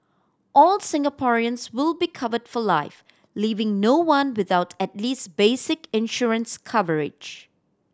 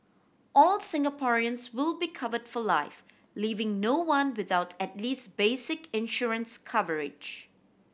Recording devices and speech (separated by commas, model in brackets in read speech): standing microphone (AKG C214), boundary microphone (BM630), read sentence